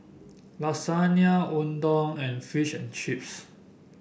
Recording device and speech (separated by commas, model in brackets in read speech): boundary microphone (BM630), read sentence